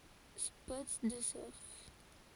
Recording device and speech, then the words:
forehead accelerometer, read sentence
Spot de surf.

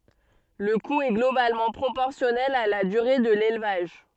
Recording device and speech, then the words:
soft in-ear microphone, read sentence
Le coût est globalement proportionnel à la durée de l'élevage.

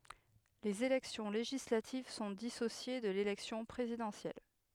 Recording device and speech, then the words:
headset microphone, read sentence
Les élections législatives sont dissociées de l'élection présidentielle.

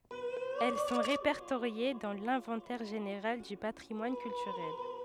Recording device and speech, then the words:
headset microphone, read sentence
Elles sont répertoriées dans l'inventaire général du patrimoine culturel.

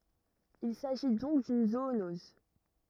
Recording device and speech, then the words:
rigid in-ear microphone, read sentence
Il s'agit donc d'une zoonose.

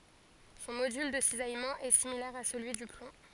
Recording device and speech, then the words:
forehead accelerometer, read sentence
Son module de cisaillement est similaire à celui du plomb.

